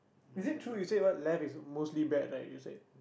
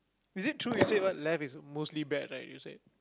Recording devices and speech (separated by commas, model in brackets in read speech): boundary microphone, close-talking microphone, conversation in the same room